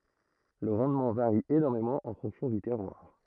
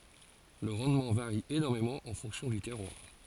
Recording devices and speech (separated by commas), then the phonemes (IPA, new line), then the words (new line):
throat microphone, forehead accelerometer, read sentence
lə ʁɑ̃dmɑ̃ vaʁi enɔʁmemɑ̃ ɑ̃ fɔ̃ksjɔ̃ dy tɛʁwaʁ
Le rendement varie énormément en fonction du terroir.